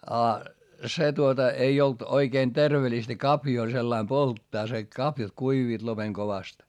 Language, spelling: Finnish, ja se tuota ei ollut oikein terveellistä kaviota sillä lailla polttaa se kaviot kuivuivat lopen kovasti
- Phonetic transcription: a , se tuota , ei olt oikeen tervelistä kapjoo sellaim polttaa se , kapjat kuiviit lopeŋ kovast .

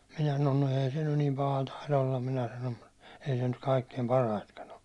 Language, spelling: Finnish, minä sanon no ei se nyt niin paha taida olla minä sanon mutta ei se nyt kaikkein parhaitakaan ole
- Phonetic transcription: minä sanon » no 'ee se nyn nim 'paha taila ollam « 'minä sanom , » mut , ei se nyt 'kaikkeim "paraitkan o « .

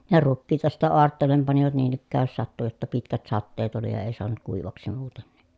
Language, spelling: Finnish, ja rukiita sitten aarteelle panivat niin ikään jos sattui jotta pitkät sateet oli ja ei saanut kuivaksi muuten niin
- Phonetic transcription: ja rukkiita sittä oartteel̆lem panivat niin ‿ikkääj jos sattu jotta pitkät satteet ‿oli ja èi soanut kuivaksi muuten ni .

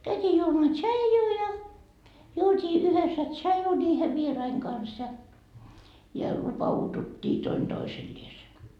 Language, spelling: Finnish, käytiin juomaan tsaijua ja juotiin yhdessä tsaiju niiden vieraiden kanssa ja ja lupauduttiin toinen toiselleen
- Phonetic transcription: käytii juomaa "tšaijuu ja , 'juot́ii yhessä "tšaju ńiihe 'vieraiŋ kans ja , ja 'lupa₍utut́t́ii 'toin 'Doiselliese .

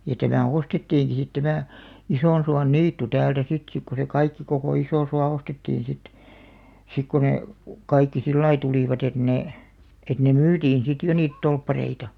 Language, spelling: Finnish, ja tämä ostettiinkin sitten tämä Isonsuonniitty täältä sitten sitten kun se kaikki koko Isosuo ostettiin sitten sitten kun ne kaikki sillä lailla tulivat että ne että ne myytiin sitten jo niitä torppareita
- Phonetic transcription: ja 'tämä "ostettiiŋki sit 'tämä̀ , 'Isònsuan"niittu 'täältä sit 'sik ku se "kaikki kokò 'Isòsua 'ostettiiḭ sit , 'sik ku ne , 'kaikki "sillai 'tulìvat et 'nè , et ne "myytiin 'sit 'jo niit "tolppareita .

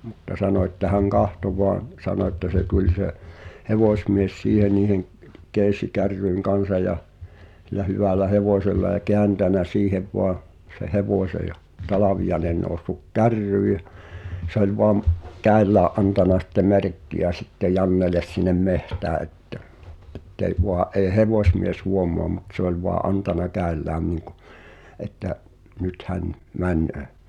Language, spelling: Finnish, mutta sanoi että hän katsoi vain sanoi että se tuli se hevosmies siihen niiden keesikärryjen kanssa ja sillä hyvällä hevosella ja kääntänyt siihen vain sen hevosen ja Talviainen noussut kärryyn ja se oli vain käsillään antanut sitten merkkiä sitten Jannelle sinne metsään että että ei vain ei hevosmies huomaa mutta se oli vain antanut käsillään niin kuin että nyt hän menee
- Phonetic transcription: mutta 'sano että 'häŋ "kahto voaⁿ , 'sano että se 'tuĺ se , "hevòśmies 'siihe niiheŋ , 'kees̀ikarryiŋ "kansa ja , h̳il̆lä 'hyvä̀lä "hevòsella ʲᵃ "keäntänä 'siihev voa , se 'hevòśe ja , 'Talavijaᵉnen nòu̬ssuk "kärryy ʲᵃ , se ‿oĺ voam , 'kä̀i̬llää’ ’antana sⁱtte "merkki₍ä sitte "Janneles sinnem 'mehtää ettᵃ̈ , ’ettei voa’ ’èi̬ "hevòsmies 'huomoa mut se ‿oĺ voa "’antana 'kä̀i̬llään niŋkᴜ , että’ , 'nyt hän , 'män̆nöö .

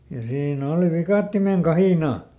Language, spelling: Finnish, ja siinä oli viikatteen kahina
- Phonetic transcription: ja ˈsiiˈn ‿òli ˈvikàttimeŋ "kahìnà .

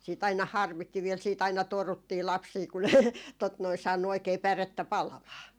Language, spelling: Finnish, sitten aina harmitti vielä sitten aina toruttiin lapsia kun ne tuota noin saanut oikein pärettä palamaan
- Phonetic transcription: siit aina "harmitti viel siit ‿aina "toruttii 'lapsii ku ne tot noi , 'saannu oikee 'pärettä "palamaa .

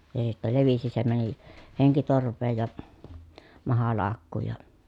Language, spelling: Finnish, se sitten levisi se meni henkitorveen ja mahalaukkuun ja
- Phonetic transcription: se sittä levisi se mäni , heŋkitorv̆veej ja , mahalaakkuuj ja ,.

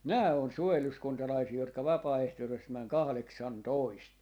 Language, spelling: Finnish, nämä on suojeluskuntalaisia jotka vapaaehtoisesti meni kahdeksantoista
- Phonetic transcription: 'nää on 'suojeluskuntalaisii 'jotka "vapaa₍ehtosest 'mäŋ "kahleksantoist .

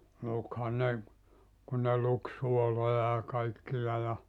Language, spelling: Finnish, lukihan ne kun ne luki suoloja ja kaikkia ja
- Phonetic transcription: 'lukha ne , kun ne luk 'suoloja ja 'kaikkija ja ,.

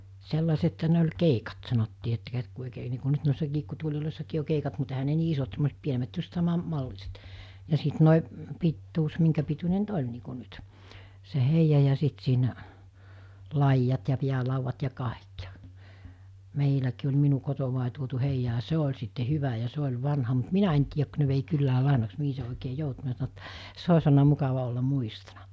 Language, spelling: Finnish, sellaisethan ne oli keikat sanottiin että - kun oikein niin kuin nyt noissa kiikkutuoleissakin on keikat mutta eihän ne niin isot semmoiset pienemmät just - saman malliset ja sitten nuo pituus minkä pituinen nyt oli niin kuin nyt se heija ja sitten siinä laidat ja päälaudat ja kaikki ja meilläkin oli minun kotoa tuotu heija ja se oli sitten hyvä ja se oli vanha mutta minä en tiedä kun ne vei kylään lainaksi mihin se oikein joutui minä sanoin että se olisi ollut mukava olla muistona
- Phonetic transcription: 'sellasetha ne oĺ "keikat sanottii että kät- ku òikee nii ku 'nyt nòissa 'kiikkutuoĺilòissakii o 'keikat mut ehä ne 'nii 'isot semmos(e)t 'pienemät just 'sama- , 'malliset , ja sit nòi , pittuus miŋkäpituńe nyt "oĺ nii ku nyt , se 'heija ja 'sit siinä , 'laijjat ja 'piälauvvat ja 'kàek ja , 'meiläkii oĺ 'minu kotovàe tuotu 'heija ‿a 'se oĺ sitte 'hyvä ja 'se oĺ 'vanha mut 'minä en tiijäk kᵘ̬ ne vei 'kyllää 'làenaks 'mihi se òikee 'joutu (minä sano että,) 'se os̜ olna 'mukava ollam̆ 'muistona .

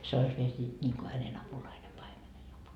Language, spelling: Finnish, se olisi vielä siitä niin kuin hänen apulainen paimenen -
- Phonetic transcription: 'se ois viel siit ńiiŋko hänen "apulaine paimenen apul- .

